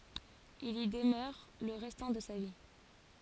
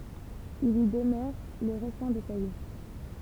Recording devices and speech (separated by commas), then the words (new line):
forehead accelerometer, temple vibration pickup, read sentence
Il y demeure le restant de sa vie.